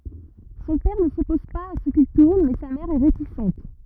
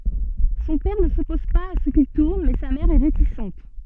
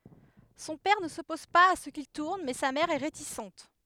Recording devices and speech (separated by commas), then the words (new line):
rigid in-ear microphone, soft in-ear microphone, headset microphone, read sentence
Son père ne s'oppose pas à ce qu'il tourne mais sa mère est réticente.